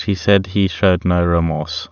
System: none